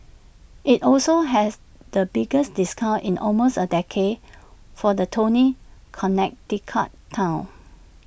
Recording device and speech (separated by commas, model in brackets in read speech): boundary microphone (BM630), read sentence